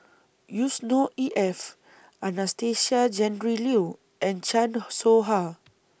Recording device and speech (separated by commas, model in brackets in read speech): boundary microphone (BM630), read sentence